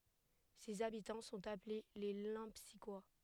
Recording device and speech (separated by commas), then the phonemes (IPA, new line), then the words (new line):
headset microphone, read sentence
sez abitɑ̃ sɔ̃t aple le lɑ̃psikwa
Ses habitants sont appelés les Lempsiquois.